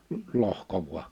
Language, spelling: Finnish, mutta lohkoi vain
- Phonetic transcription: (mut) 'lohko vu̬a .

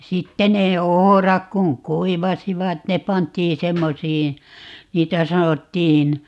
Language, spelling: Finnish, sitten ne ohrat kun kuivasivat ne pantiin semmoisiin niitä sanottiin
- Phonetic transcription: 'sitte nee "ohorak kuŋ "kuivasivat ne 'pant̀ii 'semmosiin̬ , 'niitä 'sanottiin , .

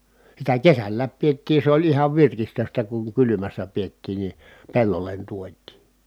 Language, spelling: Finnish, sitä kesälläkin pidettiin se oli ihan virkistystä kun kylmässä pidettiin niin pellolle tuotiin
- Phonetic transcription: sitä kesällääp piettii se oĺ ihav virkistöstä kuŋ kylymässä piettiin ni , pellollen tuot̆tii .

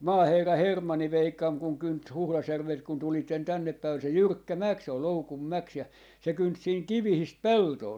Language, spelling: Finnish, maaherra Hermanni veikkani kun kynti Huhdasjärveltä kun tulitte tännepäin oli se jyrkkä mäki se oli Loukunmäki ja se kynti siinä kivistä peltoa
- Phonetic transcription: "maaherra , "Hermanni 'veikkam kuŋ 'kynt "Huhlasjärvelt kun 'tulitten 'tänneppäi ol se "jyrkkä "mäk , se ol "Loukummäk ja , 'se 'kynt siiŋ "kivihist "peltoo .

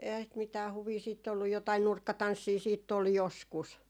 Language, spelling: Finnish, eihän sitä mitään huvia sitten ollut jotakin nurkkatanssia sitten oli joskus
- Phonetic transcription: 'eihää sit mitää 'huvii siitt ‿ollu jotai "nurkkatanssii siitt ‿ol "joskus .

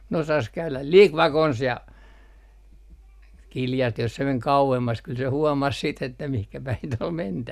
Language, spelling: Finnish, ne osasi käydä liki vakonsa ja kiljaistiin jos se meni kauemmas kyllä se huomasi sitten että mihin päin sitä oli mentävä
- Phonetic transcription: ne osas käyläl » "lik 'vakons » ja , 'kiljastih jos se 'meŋ "kau₍emmas kyl se huɔmas siit ‿että mihkä 'päin ‿t ‿ol "mentävä .

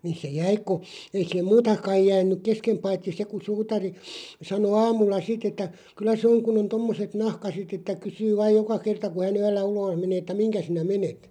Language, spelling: Finnish, niin se jäi kun ei siihen muuta kai jäänyt kesken paitsi se kun suutari sanoi aamulla sitten että kyllä se on kun on tuommoiset nahkaiset että kysyy vain joka kerta kun hän yöllä ulos menee että mihin sinä menet
- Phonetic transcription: 'ni se "jäi ku , 'ei siihem "muuta kaij 'jään̆nyk "keskem 'paitti 'se ku 'suutari , 'sano 'aamulla "sitᵗ ‿että , kyl̆lä 'sᵉ oŋ kun ‿on "tommoset 'nahkaset ‿että 'kysyy vaaʲ 'joka 'kerta ku hä'n ‿yöllä "ulooʰ menee ᵉttä » "miŋkä sinä "menet « .

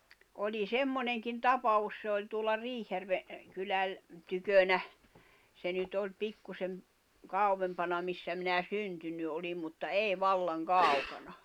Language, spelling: Finnish, oli semmoinenkin tapaus se oli tuolla Riihijärven kylän tykönä se nyt oli pikkuisen kauempana missä minä syntynyt olin mutta ei vallan kaukana
- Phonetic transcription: oĺi "semmoneŋkin "tapa₍us se oĺ tuolla 'Riihijärve , kyläl , tykönä , se nyt ‿oĺ 'pikkusem , 'kàuwempana missä minä 'syntynny oĺim mutta "èi "vallaŋ "kàukana .

